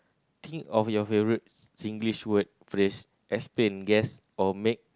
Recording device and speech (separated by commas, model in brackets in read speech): close-talking microphone, conversation in the same room